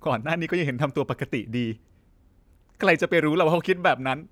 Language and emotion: Thai, sad